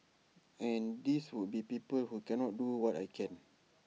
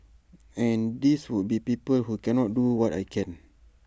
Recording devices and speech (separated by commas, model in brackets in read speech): mobile phone (iPhone 6), standing microphone (AKG C214), read sentence